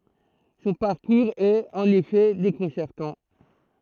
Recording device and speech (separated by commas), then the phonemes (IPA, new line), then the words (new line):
throat microphone, read sentence
sɔ̃ paʁkuʁz ɛt ɑ̃n efɛ dekɔ̃sɛʁtɑ̃
Son parcours est, en effet, déconcertant.